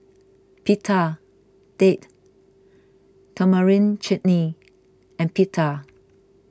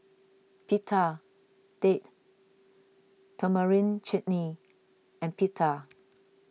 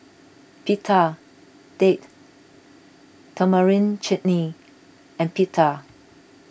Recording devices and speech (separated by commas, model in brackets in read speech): close-talking microphone (WH20), mobile phone (iPhone 6), boundary microphone (BM630), read sentence